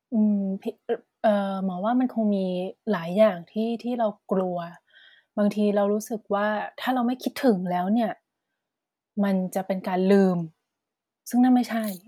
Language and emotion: Thai, neutral